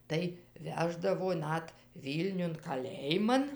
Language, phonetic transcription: Lithuanian, tai ˈveždavo ˈnat ˈvylniun kaˈlėjiman

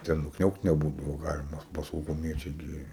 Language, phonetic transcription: Lithuanian, ˈten nukˈniaukt neˈbūdavo ˈgalima ˈba sauguˈmiečiai ˈgi

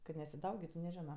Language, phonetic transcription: Lithuanian, kad nesiˈdaugitu neˈžino

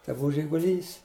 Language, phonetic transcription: Lithuanian, tai ˈbuvu žiguˈlys

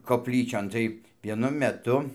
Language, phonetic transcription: Lithuanian, kopˈlyčion tai vieˈnu meˈtu

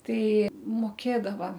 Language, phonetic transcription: Lithuanian, ˈtai moˈkėdava

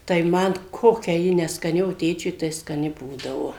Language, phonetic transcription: Lithuanian, tai ˈman ˈkokia ˈji neskaˈni o ˈtėčiui tai skaˈni ˈbūdavo

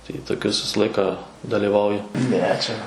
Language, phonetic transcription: Lithuanian, tai toˈkius ˈvisa ˈlaiką dalyˈvauju ˈne ˈčia

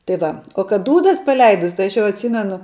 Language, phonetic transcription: Lithuanian, tai ˈva o kad ˈdūdas paˈleidus ˈtai aš jau atˈsymenu

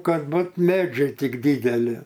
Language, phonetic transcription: Lithuanian, ˈkad ˈbut ˈmedžiai ˈtik ˈdydeli

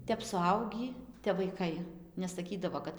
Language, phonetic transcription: Lithuanian, ˈtep suˈaugį tep vaiˈkai nesaˈkydavo ˈkad

